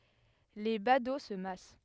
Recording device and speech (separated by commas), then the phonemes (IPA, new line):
headset microphone, read sentence
le bado sə mas